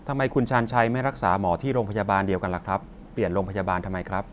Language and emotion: Thai, neutral